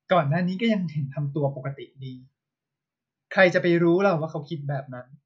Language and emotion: Thai, neutral